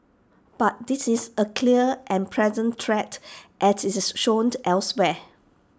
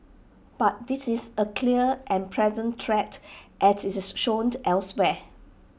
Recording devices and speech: standing microphone (AKG C214), boundary microphone (BM630), read sentence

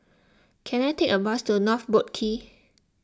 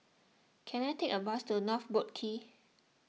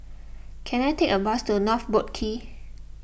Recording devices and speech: close-talking microphone (WH20), mobile phone (iPhone 6), boundary microphone (BM630), read sentence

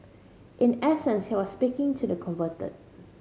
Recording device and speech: mobile phone (Samsung C5010), read sentence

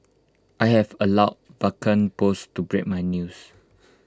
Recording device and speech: close-talking microphone (WH20), read sentence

